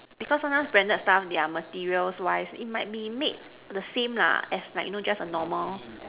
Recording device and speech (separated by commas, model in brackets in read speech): telephone, conversation in separate rooms